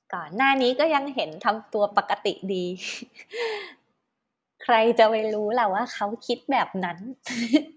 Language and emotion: Thai, happy